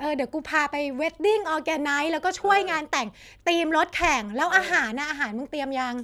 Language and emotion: Thai, happy